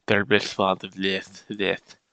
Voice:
wet, sloppy voice